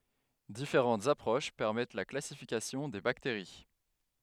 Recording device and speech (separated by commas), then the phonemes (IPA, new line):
headset microphone, read sentence
difeʁɑ̃tz apʁoʃ pɛʁmɛt la klasifikasjɔ̃ de bakteʁi